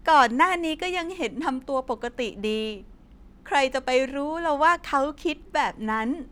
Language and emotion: Thai, happy